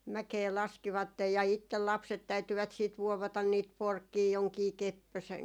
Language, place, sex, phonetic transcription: Finnish, Jaala, female, 'mäkee 'laskivattej ja 'ittel 'lapset 'täytyvät siit 'vuovatan niit "porkkii joŋkii , "keppösen ,.
- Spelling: mäkeä laskivat ja itse lapset täytyivät sitten vuovata niitä porkkia jonkin kepposen

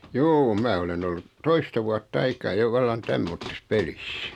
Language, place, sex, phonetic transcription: Finnish, Noormarkku, male, juu 'mää olen 'ollut , "toista vuat't ‿aikaa jo 'vallan "tämmottis "pelis .
- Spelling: juu minä olen ollut toista vuotta aikaa jo vallan tämmöisessä pelissä

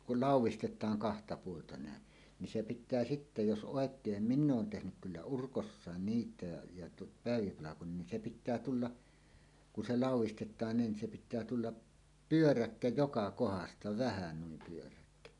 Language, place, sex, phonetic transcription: Finnish, Suomussalmi, male, kul "làuw̆wistet̆taaŋ kahta puolta nä̀en , nin 'se 'pit̆tää sitte jos 'ˀòek̀eem "minn ‿oon 'tehnyk 'kyllä "urkossàen "niit̀ä̀e , ja tu- , 'pä̀evipalakon nin se 'pit̆tää "tulla , ku "se "làuw̆wistet̆taan 'niin se pit̆tää tulla , "pyöräkkä "joka 'kohasta "vähä nuim pyöräkkä .
- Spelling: kun laudistetaan kahta puolta näin niin se pitää sitten jos oikein minä olen tehnyt kyllä urkossa niitä ja - päiväpalkoin niin se pitää tulla kun se laudistetaan niin se pitää tulla pyöräkkä joka kohdasta vähä niin pyöräkkä

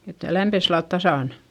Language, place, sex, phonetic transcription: Finnish, Eurajoki, female, et lämpes sillalt tasàn .
- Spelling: että lämpesi sillä lailla tasan

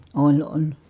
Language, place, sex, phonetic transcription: Finnish, Kitee, female, oĺ oĺ .
- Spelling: oli oli

